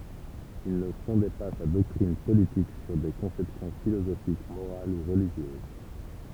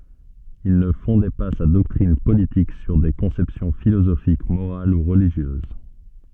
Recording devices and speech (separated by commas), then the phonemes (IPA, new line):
temple vibration pickup, soft in-ear microphone, read sentence
il nə fɔ̃dɛ pa sa dɔktʁin politik syʁ de kɔ̃sɛpsjɔ̃ filozofik moʁal u ʁəliʒjøz